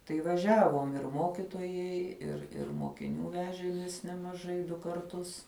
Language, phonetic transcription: Lithuanian, tai vaˈžiavom ir ˈmokitojai ir ir mokiˈnių ˈvežėmės nemaˈžai ˈdu karˈtus

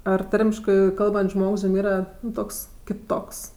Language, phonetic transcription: Lithuanian, ˈar ˈtarmiškɜ ˈkalbant's' ˈžmogs jum ˈyra ˈtoks kiˈtoks

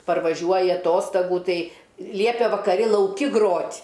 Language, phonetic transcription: Lithuanian, parvaˈžiuoji aˈtostagų ˈtai ˈliepė vakaˈri lauˈki ˈgrot'

